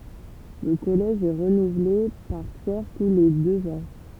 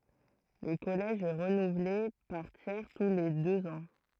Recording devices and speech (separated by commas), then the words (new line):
temple vibration pickup, throat microphone, read sentence
Le Collège est renouvelé par tiers tous les deux ans.